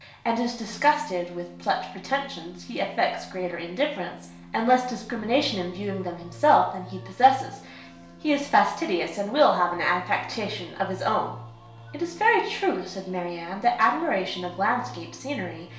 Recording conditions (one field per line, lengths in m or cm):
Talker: one person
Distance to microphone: 1.0 m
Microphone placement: close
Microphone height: 1.1 m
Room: small (3.7 m by 2.7 m)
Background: music